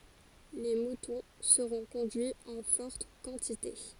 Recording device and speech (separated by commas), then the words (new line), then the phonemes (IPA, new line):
forehead accelerometer, read sentence
Les moutons seront conduits en fortes quantités.
le mutɔ̃ səʁɔ̃ kɔ̃dyiz ɑ̃ fɔʁt kɑ̃tite